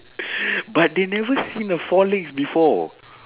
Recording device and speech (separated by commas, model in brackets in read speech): telephone, conversation in separate rooms